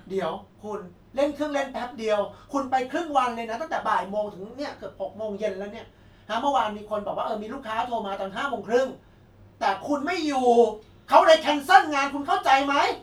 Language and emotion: Thai, angry